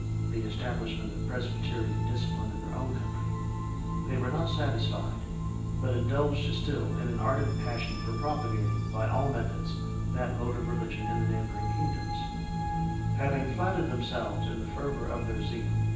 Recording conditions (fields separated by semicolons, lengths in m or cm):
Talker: one person; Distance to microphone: 9.8 m; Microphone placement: far; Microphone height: 1.8 m; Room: large; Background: music